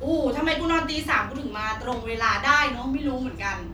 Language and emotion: Thai, angry